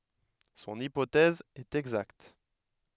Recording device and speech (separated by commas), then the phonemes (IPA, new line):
headset microphone, read sentence
sɔ̃n ipotɛz ɛt ɛɡzakt